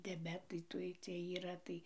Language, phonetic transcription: Lithuanian, diaˈbetai ˈtuoj ˈciej yˈra tai

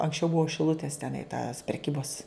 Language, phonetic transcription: Lithuanian, anksˈčiau ˈbuo šiˈlutės teˈnai tas preˈkybos

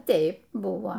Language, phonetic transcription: Lithuanian, ˈteip ˈbuvo

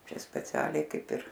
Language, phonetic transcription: Lithuanian, ˈčia speˈcialiai ˈkaip ir

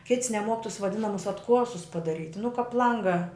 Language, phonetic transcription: Lithuanian, kits neˈmuok tus vaˈdinamus atˈkuosus padaˈryt' nu kap ˈlanga

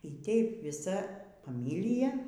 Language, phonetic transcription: Lithuanian, y ˈteip viˈsa faˈmilija

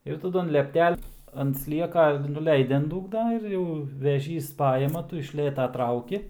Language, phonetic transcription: Lithuanian, ir taˈdu an lepˈtel' ant ˈslieka nuˈleidi an ˈdūgna ir ˈjau veˈžys ˈpajima ˈtu iš ˈlėta ˈtrauki

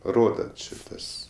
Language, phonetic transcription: Lithuanian, ˈroda ˈči ˈtas

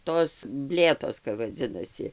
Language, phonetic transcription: Lithuanian, ˈtos ˈblėtos kap vaˈdzinasi

